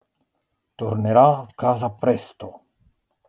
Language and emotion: Italian, angry